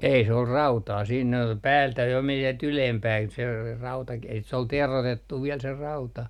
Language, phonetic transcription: Finnish, ei 'se ol "rautaa siin , 'päältä jo men sielt 'ylempään se , 'rautaki et se ol 'terotettu viɛl se 'rauta .
- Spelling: ei se oli rautaa siinä päältä jo meni sieltä ylempään se rautakin että se oli teroitettu vielä se rauta

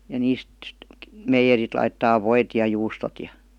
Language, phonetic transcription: Finnish, ja 'niist , 'meijerit laittaa "voit ja 'juustot ja .
- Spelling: ja niistä meijerit laittaa voit ja juustot ja

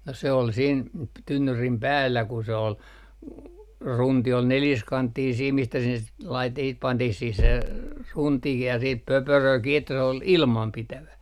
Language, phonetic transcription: Finnish, no se ol siin p- , 'tynnyrim "päällä ku se ol , "runti ol 'neljiskanttiin siim mistä sinnes lait- , siit 'pantih siih se , 'runtikih ja siip "pöpöröö kii että se ol , "ilmampitävä .
- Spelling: no se oli siinä - tynnyrin päällä kun se oli runti oli neliskanttinen siinä mistä sinne - sitten pantiin siihen se runtikin ja sitten pöperöä kiinni että se oli ilmanpitävä

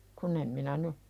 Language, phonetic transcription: Finnish, kun ‿em minä ny ,.
- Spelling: kun en minä nyt

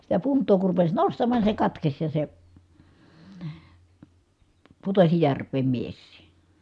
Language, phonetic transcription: Finnish, sitä punt̀oo kur rupes nostammàn ni se katkes ja se , putosi järv̀eem miessii .
- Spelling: sitä puntaa kun rupesi nostamaan niin se katkesi ja se putosi järveen mieskin

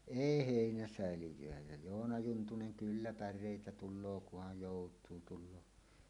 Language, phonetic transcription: Finnish, èi "hèinäsä̀elij̆jöä jä "Joona 'Juntunen » 'kyllä "pär̆rèitä 'tul̆loo kuhaj 'jòut̀uu tul̆loo « .
- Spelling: ei heinäsäiliöitä ja Joona Juntunen kyllä päreitä tulee kunhan joutuu tulee

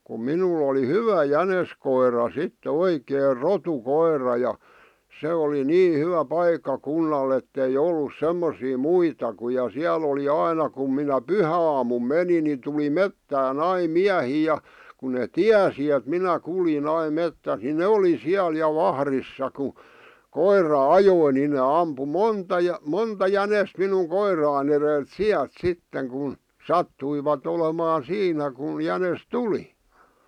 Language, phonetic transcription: Finnish, kum 'minul̆l ‿oli "hyvä "jäneskoira sittᵉ "oikeer "rotu'koir̆ra ja , 'se oli "nii 'hyvä "paikka'kunnall ‿ettei 'ollus 'semmosii "muita ku ja 'siäl ‿oli "aina kum minä "pyhä₍aamum "meni ni tuli "mettää"n ‿ai "miähii , ja , ku ne ̳ "tiäsi et 'minä 'kuljin 'aim 'mettäs ni "ne oli 'siäl 'ja "vahrissa ku , "koir̆ra "ajoi ni ne 'ampu "monta ja- , 'monta 'jänest minuŋ "koiràⁱn ‿erelt "siält 'sitteŋ kun , "sattuivat olemaa "siinä kun̬ 'jänes "tuli .
- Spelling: kun minulla oli hyvä jäniskoira sitten oikein rotukoira ja se oli niin hyvä paikkakunnalla että ei ollut semmoisia muita kuin ja siellä oli aina kun minä pyhäaamuna menin niin tuli metsään aina miehiä ja kun ne tiesi että minä kuljin aina metsässä niin ne oli siellä ja vahdissa kun koira ajoi niin ne ampui monta - monta jänistä minun koirani edeltä sieltä sitten kun sattuivat olemaan siinä kun jänis tuli

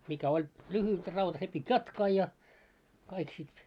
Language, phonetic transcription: Finnish, mikä oĺ , 'lyhyt raut se pit́ "jatkaa ja , kaik sit .
- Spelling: mikä oli lyhyt rauta se piti jatkaa ja kaikki sitten

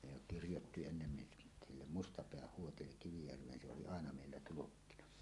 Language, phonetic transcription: Finnish, ne jo 'kirjotti ennen ni’ , 'sillem "Mustapeäh 'Huotillek 'Kivijärv̀een se oli "àena 'mèillä 'tulukkina .
- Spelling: ne jo kirjoitti ennen niin sille Mustapään Huotille Kivijärveen se oli aina meillä tulkkina

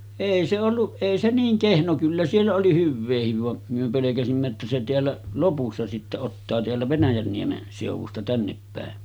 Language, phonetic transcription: Finnish, 'èi se olluˀ , 'èi se 'niiŋ 'kehno kyllä siellä oli 'hyvveehiv vam̳§ , myö pelekäsimmä että se 'teällä , 'lopussa sittä ottaa teällä 'Venäjänniemen sèuv̆vusta 'tänneppä̀en .
- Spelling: ei se ollut ei se niin kehno kyllä siellä oli hyvääkin vaan me pelkäsimme että se täällä lopussa sitten ottaa täällä Venäjänniemen seudusta tännepäin

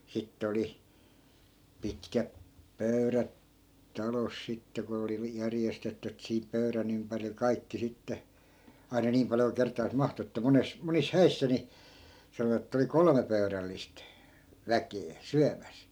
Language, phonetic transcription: Finnish, 'sitt ‿oli , 'pitkäp , 'pöyrät , "talos 'sitte ko oli vi- , 'järjestetty ettᵃ̈ sihip 'pöyrän ‿ympäril "kaikki 'sitte , ai̮na 'niim paljo ku 'kert̆taas "mahtu että 'mones , 'monis "häissä ni , 'sanovat ‿ettᵃ̈ oli "kolᵒme pöy̬rällist , 'väkee , "syämäs .
- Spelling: sitten oli pitkät pöydät talossa sitten kun oli - järjestetty että siihen pöydän ympärille kaikki sitten aina niin paljon kuin kertaansa mahtui että monessa monissa häissä niin sanoivat että oli kolme pöydällistä väkeä syömässä

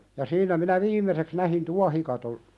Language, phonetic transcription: Finnish, ja 'siinä minä "viim̀eseks nähin 'tuahikaton ,.
- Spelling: ja siinä minä viimeiseksi näin tuohikaton

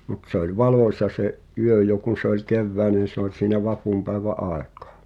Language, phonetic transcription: Finnish, mut se ‿oĺ "valòśa se’ , '’yö jo kun̬ se ‿oĺ 'kevvä̀enen se ‿oĺ siinä 'vapumpä̀evä’ "’àek̀ᴀᴀ .
- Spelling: mutta se oli valoisa se yö jo kun se oli keväinen se oli siinä vapunpäiväin aikaan

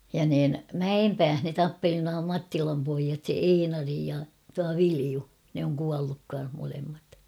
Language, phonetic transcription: Finnish, ja niin , "Mäempääh ne 'tappeli nua 'Mattilam poijat "Einari ja tua "Viliu ; ne oŋ 'kualluk kan̬h molemmat .
- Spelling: ja niin Mäenpäässä ne tappeli nuo Mattilan pojat Einari ja tuo Viljo ne on kuollut kanssa molemmat

